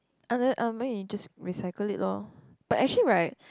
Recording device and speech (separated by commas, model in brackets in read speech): close-talking microphone, conversation in the same room